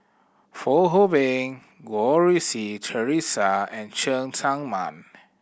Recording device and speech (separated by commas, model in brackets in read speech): boundary microphone (BM630), read sentence